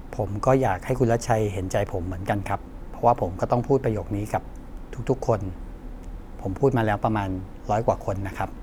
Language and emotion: Thai, frustrated